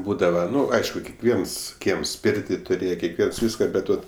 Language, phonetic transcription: Lithuanian, ˈbūdava ˈnu ˈaišku kekˈviens ˈkiems ˈpėrti tuˈrėje kekˈviens ˈvyska ˈbet ˈvat

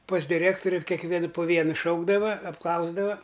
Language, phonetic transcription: Lithuanian, pas diˈrėktoriu kekˈvien po ˈvienu ˈšaukdava apˈklausdava

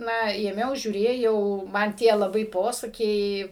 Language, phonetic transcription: Lithuanian, ˈna ėˈmiau žiūˈrėjau man ˈtie laˈbai ˈposakiai

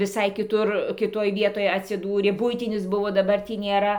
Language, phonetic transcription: Lithuanian, viˈsai kiˈtur kiˈtoj ˈvietoj atsiˈdūrė ˈbuitinis ˈbuvo daˈbar ˈtį nėˈra

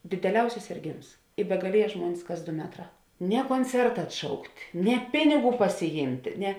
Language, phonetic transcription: Lithuanian, dėdeˈliausis sėrˈgėms i begaˈlieja ˈžmuonis kas ˈdo ˈmetˌrā ne konˈcerta atˈšaukt' ne ˈpiniˌgų pasiˈjymt' ne

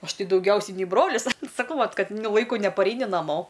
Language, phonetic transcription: Lithuanian, ˈaš ˈtai dauˈgiausiai nei ˈbrolis saˈkau ˈvat ˈkad nu ˈlaiku nepaˈreini naˈmo

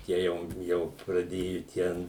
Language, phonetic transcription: Lithuanian, ˈtie jau ˈjau praˈdėju ˈten

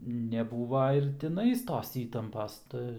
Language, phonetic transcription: Lithuanian, neˈbūva ir tiˈnais ˈtos ˈįtampas ˈta

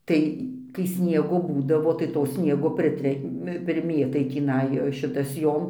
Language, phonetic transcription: Lithuanian, ˈtai kai ˈsniego ˈbūdavo tai to ˈsniego priˈtremi priˈmėtai tįˈnai ˈšitas ˈjom

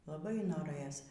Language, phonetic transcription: Lithuanian, laˈbai noˈrɘjos

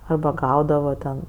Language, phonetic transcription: Lithuanian, ˈarba ˈgaudavo ten

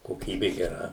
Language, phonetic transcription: Lithuanian, koˈkybi geˈra

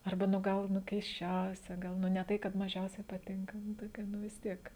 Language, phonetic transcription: Lithuanian, arˈba ˈnu ˈgal ˈnu keisˈčiausia ˈgal ˈnu ne ˈtai kad maˈžiausiai paˈtinka ˈnu ˈtokia ˈnu vis ˈtiek

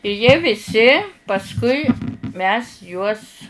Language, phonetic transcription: Lithuanian, i jie viˈsi pasˈkui mes juos

